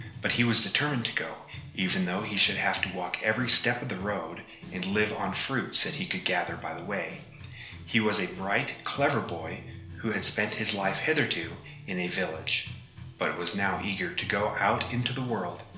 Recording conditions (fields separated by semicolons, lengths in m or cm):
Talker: one person; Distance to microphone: 1.0 m; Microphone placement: close; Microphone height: 1.1 m; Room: small (3.7 m by 2.7 m); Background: music